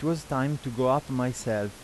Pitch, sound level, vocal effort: 130 Hz, 86 dB SPL, normal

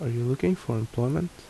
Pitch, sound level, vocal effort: 125 Hz, 73 dB SPL, soft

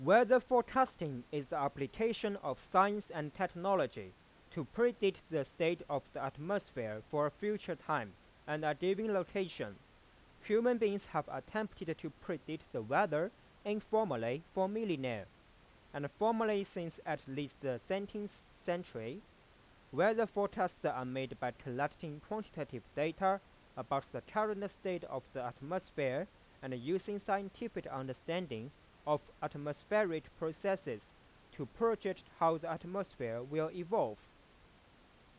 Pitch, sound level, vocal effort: 170 Hz, 93 dB SPL, loud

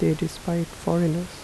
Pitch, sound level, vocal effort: 170 Hz, 77 dB SPL, soft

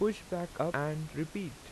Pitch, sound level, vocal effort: 165 Hz, 84 dB SPL, normal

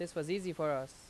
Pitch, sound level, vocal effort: 160 Hz, 88 dB SPL, loud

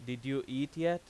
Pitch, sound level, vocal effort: 135 Hz, 92 dB SPL, loud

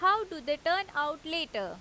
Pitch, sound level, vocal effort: 320 Hz, 94 dB SPL, loud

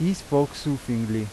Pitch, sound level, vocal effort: 140 Hz, 87 dB SPL, loud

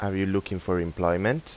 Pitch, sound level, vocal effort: 95 Hz, 86 dB SPL, normal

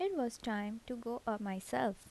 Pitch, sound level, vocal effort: 230 Hz, 76 dB SPL, soft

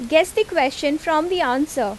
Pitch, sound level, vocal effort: 310 Hz, 87 dB SPL, loud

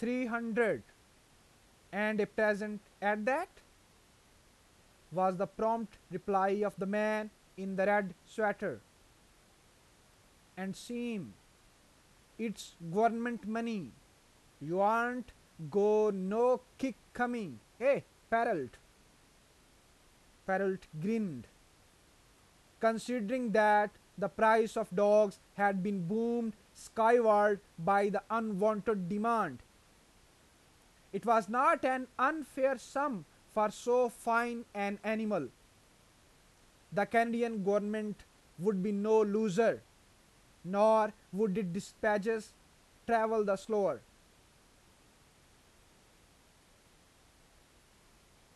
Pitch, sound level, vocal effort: 215 Hz, 92 dB SPL, loud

